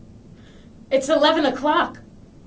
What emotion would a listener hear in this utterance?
fearful